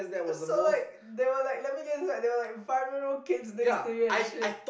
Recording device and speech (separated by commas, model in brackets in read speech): boundary microphone, conversation in the same room